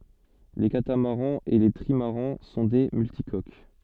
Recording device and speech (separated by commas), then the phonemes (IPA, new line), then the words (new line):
soft in-ear microphone, read sentence
le katamaʁɑ̃z e le tʁimaʁɑ̃ sɔ̃ de myltikok
Les catamarans et les trimarans sont des multicoques.